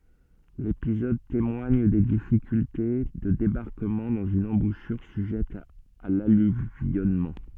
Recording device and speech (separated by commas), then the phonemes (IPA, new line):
soft in-ear microphone, read sentence
lepizɔd temwaɲ de difikylte də debaʁkəmɑ̃ dɑ̃z yn ɑ̃buʃyʁ syʒɛt a lalyvjɔnmɑ̃